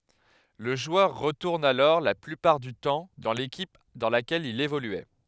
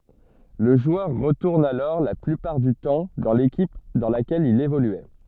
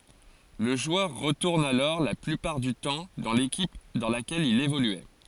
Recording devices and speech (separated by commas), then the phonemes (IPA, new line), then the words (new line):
headset microphone, soft in-ear microphone, forehead accelerometer, read sentence
lə ʒwœʁ ʁətuʁn alɔʁ la plypaʁ dy tɑ̃ dɑ̃ lekip dɑ̃ lakɛl il evolyɛ
Le joueur retourne alors la plupart du temps dans l’équipe dans laquelle il évoluait.